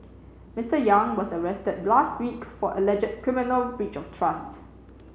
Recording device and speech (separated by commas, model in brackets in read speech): mobile phone (Samsung C7), read sentence